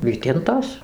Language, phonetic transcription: Lithuanian, ˈvytintos

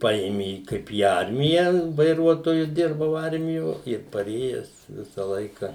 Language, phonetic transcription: Lithuanian, ˈpaėmė ˈkaip į ˈarmiją vaiˈruotoju ˈdirbau ˈarmijo ir paˈrėjes ˈvisa ˈlaika

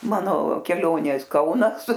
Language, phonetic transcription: Lithuanian, ˈmano keˈlionės ˈkaunas

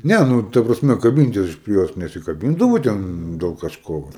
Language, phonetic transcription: Lithuanian, ˈne ˈnu ˈta prasme kaˈbintis aš prie ˈjos nesikaˈbindavau ˈten del kažˈko

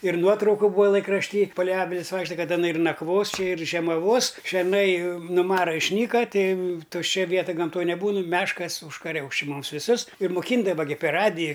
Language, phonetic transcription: Lithuanian, ir ˈnuotrauku ˈbūa laikrašˈty palei ˈavilis ˈvaikšta ˈkad aˈna ir nakˈvos ˈči ir žiemaˈvos šerˈnai nu ˈmara išˈnyka ˈtei tušˈčia ˈvieta gamˈtoj neˈbūnu ˈmeškas užkaˈriaus či ˈmums viˈsus ir muˈkyindava gi per ˈradiji

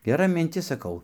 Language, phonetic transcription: Lithuanian, geˈra minˈtis saˈkau

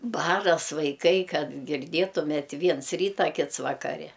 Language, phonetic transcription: Lithuanian, ˈbaras vaiˈkai ˈkad girˈdėtumėt' ˈviens ˈryta ˈkits vakaˈre

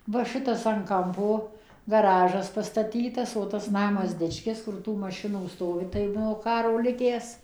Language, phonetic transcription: Lithuanian, va ˈšitas an ˈkampo gaˈražas pastaˈtytas o tas ˈnamas ˈdičkis kur ˈtų maˈšinų ˈstovi tai nuo ˈkaro ˈlikęs

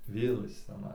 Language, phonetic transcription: Lithuanian, ˈvėl ˈjis ciaˈnai

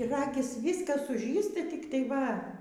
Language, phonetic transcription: Lithuanian, ˈragis ˈvyskas suˈžysti tik tai ˈva

